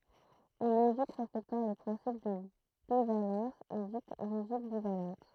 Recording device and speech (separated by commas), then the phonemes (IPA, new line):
throat microphone, read sentence
yn loʒik ʁɛspɛktɑ̃ lə pʁɛ̃sip də bivalɑ̃s ɛ dit loʒik bivalɑ̃t